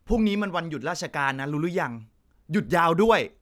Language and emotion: Thai, frustrated